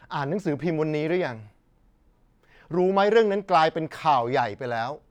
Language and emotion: Thai, frustrated